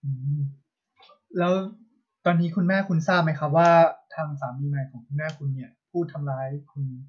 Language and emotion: Thai, neutral